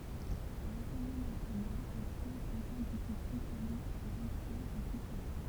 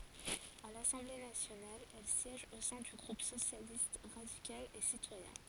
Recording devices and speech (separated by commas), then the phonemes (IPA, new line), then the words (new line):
temple vibration pickup, forehead accelerometer, read sentence
a lasɑ̃ble nasjonal ɛl sjɛʒ o sɛ̃ dy ɡʁup sosjalist ʁadikal e sitwajɛ̃
À l’Assemblée nationale, elle siège au sein du groupe Socialiste, radical et citoyen.